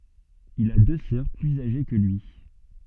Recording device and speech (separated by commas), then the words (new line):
soft in-ear microphone, read sentence
Il a deux sœurs plus âgées que lui.